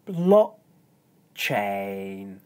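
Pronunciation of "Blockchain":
'Blockchain' is said very slowly, with the stress on the first syllable: 'block' is high in pitch and 'chain' is low.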